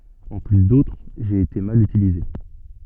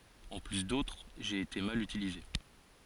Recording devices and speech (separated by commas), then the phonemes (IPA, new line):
soft in-ear microphone, forehead accelerometer, read sentence
ɑ̃ ply dotʁ ʒe ete mal ytilize